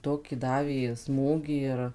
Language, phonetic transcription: Lithuanian, ˈtokį ˈdavė ˈsmūgį ir

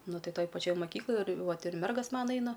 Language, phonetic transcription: Lithuanian, ˈnu ˈtai ˈtoj paˈčioj maˈkykloj ir ˈvat ir ˈmergas ˈmana ˈeina

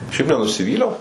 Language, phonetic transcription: Lithuanian, ˈšiaip nenusiˈvyliau

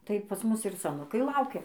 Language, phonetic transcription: Lithuanian, ˈtai pas ˈmus ir saˈnukai ˈlaukia

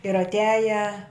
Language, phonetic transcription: Lithuanian, ir atˈiaja

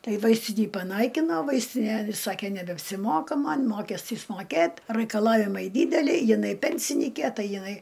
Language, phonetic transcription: Lithuanian, ˈtai ˈvaistinį paˈnaikino ˈvaistine ˈsakė nebeapsiˈmoka ˈman' ˈmokestys moˈkėt' raikaˈlavimai ˈdydeliai jiˈnai ˈpensinykė ˈtai jiˈnai

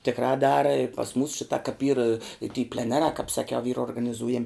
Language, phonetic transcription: Lithuanian, tikˈrā ˈdara ir pas mūs ˈšitā kap yr i ty pleˈnerā kāp saˈkiau yra organiˈzūjam'

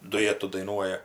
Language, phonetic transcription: Lithuanian, duˈjetu daiˈnuoja

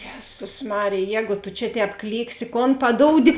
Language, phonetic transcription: Lithuanian, ˈjezus ˈmarėj ˈjēgu tu čia ˈtēp ˈklyksi kon paˈdoudi

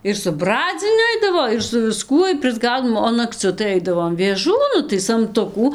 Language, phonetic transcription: Lithuanian, ir su ˈbradziniu ˈaidavo ir su viˈskuoj prisˈgaudom o nakˈciu tai ˈaidavom vėˈžų ˈnu tai samˈtukų

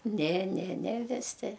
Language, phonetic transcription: Lithuanian, ne ne ne viˈsi

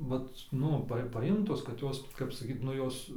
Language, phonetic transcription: Lithuanian, ˈvat ˈnu pa paˈjimtos kad ˈjos kap saˈkyt ˈnu ˈjos

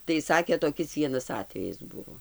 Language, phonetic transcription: Lithuanian, tai ˈsakė toˈkis ˈvienas ˈatvejis ˈbuvo

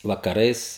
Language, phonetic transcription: Lithuanian, vakaˈrais

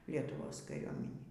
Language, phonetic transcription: Lithuanian, lietuˈvos kaˈriuominį

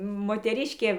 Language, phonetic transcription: Lithuanian, moteˈriškė

